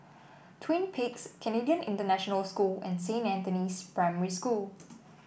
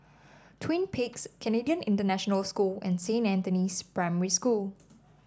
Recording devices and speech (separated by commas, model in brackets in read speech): boundary microphone (BM630), standing microphone (AKG C214), read sentence